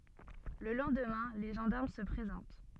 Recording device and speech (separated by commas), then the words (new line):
soft in-ear microphone, read sentence
Le lendemain, les gendarmes se présentent.